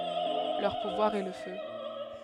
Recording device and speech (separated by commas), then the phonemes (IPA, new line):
headset microphone, read sentence
lœʁ puvwaʁ ɛ lə fø